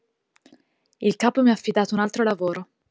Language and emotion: Italian, neutral